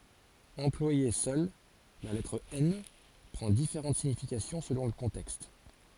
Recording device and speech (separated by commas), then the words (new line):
forehead accelerometer, read sentence
Employée seule, la lettre N prend différentes significations selon le contexte.